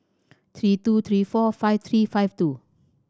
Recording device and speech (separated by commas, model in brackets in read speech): standing microphone (AKG C214), read sentence